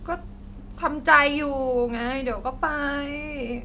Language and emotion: Thai, frustrated